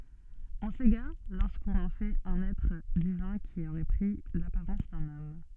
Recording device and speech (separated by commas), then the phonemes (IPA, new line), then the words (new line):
soft in-ear microphone, read sentence
ɔ̃ seɡaʁ loʁskɔ̃n ɑ̃ fɛt œ̃n ɛtʁ divɛ̃ ki oʁɛ pʁi lapaʁɑ̃s dœ̃n ɔm
On s'égare lorsqu'on en fait un être divin qui aurait pris l'apparence d'un homme.